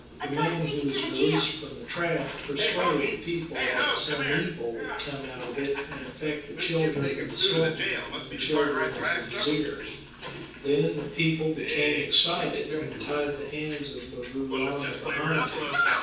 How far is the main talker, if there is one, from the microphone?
9.8 m.